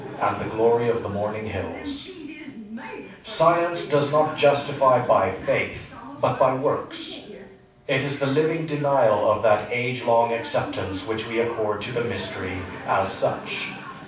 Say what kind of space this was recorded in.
A mid-sized room.